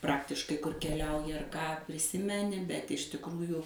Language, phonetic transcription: Lithuanian, ˈpraktiškai kur keˈliauji ar ˈką priˈsimeni bet iš tikˈrųju

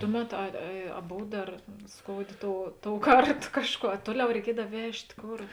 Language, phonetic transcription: Lithuanian, ˈtuˌmet ˈa a a ˈbov ˈdar ˈskouˌdė ˈtou ˈtouˌkart ˈkažˌkuo a ˈtuoˌliau reiˈkiedav ˈvežt' ˈkor

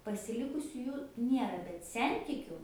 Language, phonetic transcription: Lithuanian, pasiˈlikusiu ˈjų ˈniera bet ˈsentikiu

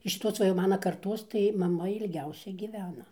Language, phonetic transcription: Lithuanian, iš šiˈtos ˈva jau ˈmana karˈtos tai maˈma ilˈgiausia gyˈvena

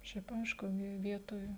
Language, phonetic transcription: Lithuanian, ˈšiaip ˈaišku ˈvi ˈvietoj

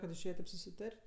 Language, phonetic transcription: Lithuanian, kad išˈėje ˈtaip susiˈtart'

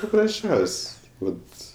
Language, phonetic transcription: Lithuanian, paprasˈčiaus' ˈvat

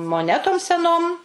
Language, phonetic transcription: Lithuanian, moˈnetom seˈnom

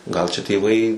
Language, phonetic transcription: Lithuanian, gal čia tėˈvai

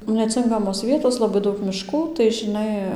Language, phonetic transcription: Lithuanian, neˈcinkamos ˈvietos laˈbai ˈdaug miˈškų tai žiˈnai

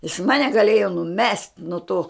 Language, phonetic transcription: Lithuanian, jis ˈmane gaˈlėjo nuˈmest' nuo to

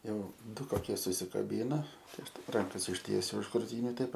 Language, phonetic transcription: Lithuanian, ˈjau ˈdu koˈkie susikaˈbyna tai ˈaš ˈtaip ˈrankas išˈtiesiu už kruˈtyniu ˈtaip

